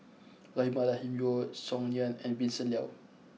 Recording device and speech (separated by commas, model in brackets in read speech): mobile phone (iPhone 6), read sentence